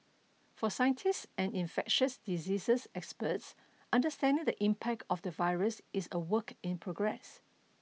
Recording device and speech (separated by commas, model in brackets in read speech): mobile phone (iPhone 6), read sentence